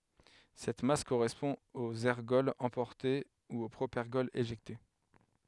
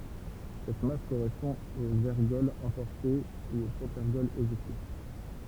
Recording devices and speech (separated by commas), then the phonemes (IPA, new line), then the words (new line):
headset microphone, temple vibration pickup, read sentence
sɛt mas koʁɛspɔ̃ oz ɛʁɡɔlz ɑ̃pɔʁte u o pʁopɛʁɡɔl eʒɛkte
Cette masse correspond aux ergols emportés ou au propergol éjecté.